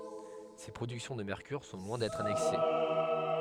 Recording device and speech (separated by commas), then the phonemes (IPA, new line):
headset microphone, read sentence
se pʁodyksjɔ̃ də mɛʁkyʁ sɔ̃ lwɛ̃ dɛtʁ anɛks